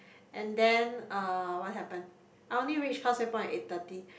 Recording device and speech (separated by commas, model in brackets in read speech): boundary microphone, conversation in the same room